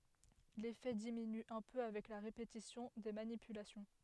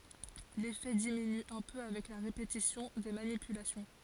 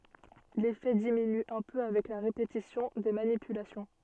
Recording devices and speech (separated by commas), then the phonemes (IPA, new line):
headset microphone, forehead accelerometer, soft in-ear microphone, read sentence
lefɛ diminy œ̃ pø avɛk la ʁepetisjɔ̃ de manipylasjɔ̃